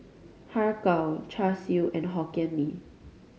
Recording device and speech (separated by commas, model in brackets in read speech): mobile phone (Samsung C5010), read sentence